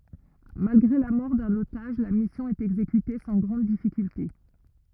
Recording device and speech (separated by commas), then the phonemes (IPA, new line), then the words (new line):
rigid in-ear microphone, read sentence
malɡʁe la mɔʁ dœ̃n otaʒ la misjɔ̃ ɛt ɛɡzekyte sɑ̃ ɡʁɑ̃d difikylte
Malgré la mort d'un otage, la mission est exécutée sans grandes difficultés.